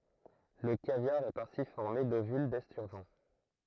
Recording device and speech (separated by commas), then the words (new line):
throat microphone, read sentence
Le caviar est ainsi formé d'ovules d'esturgeon.